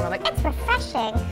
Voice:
high-pitched voice